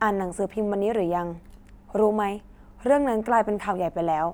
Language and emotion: Thai, neutral